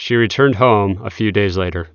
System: none